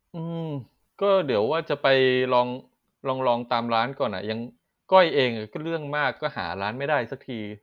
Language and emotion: Thai, frustrated